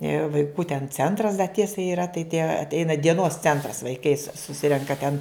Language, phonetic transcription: Lithuanian, ir vaiˈkų ten ˈcentras da ˈtiesa yˈra tai tie atˈeina dieˈnos ˈcentras vaiˈkai susi suˈsirenka ˈten

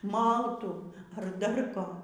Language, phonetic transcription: Lithuanian, ˈmaltų ar dar ˈko

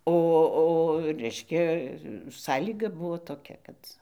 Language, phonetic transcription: Lithuanian, ˈo o ˈreiškia ˈsąlyga ˈbuvo toˈkia ˈkad

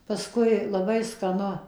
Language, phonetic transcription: Lithuanian, paˈskui laˈbai skaˈnu

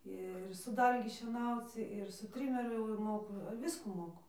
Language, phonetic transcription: Lithuanian, ˈir su ˈdalgi šieˈnauc ir su ˈtrimeriu jau ir ˈmoku ˈviskų ˈmoku

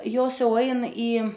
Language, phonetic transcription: Lithuanian, ˈjos ˈjau ˈain į

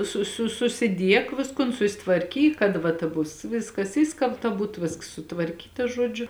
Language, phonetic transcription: Lithuanian, su su susiˈdiek ˈviskun susitvarˈkyk kad ˈva ta ˈbus ˈviskas ˈišskalbta ˈbūt ˈvėsks sutvarˈkyta ˈžuodžiu

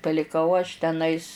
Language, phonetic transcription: Lithuanian, paliˈkau aš teˈnais

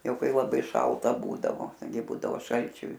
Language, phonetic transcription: Lithuanian, ˈjau ˈkai laˈbai ˈšalta ˈbūdavo gi ˈbūdavo ˈšalčiu

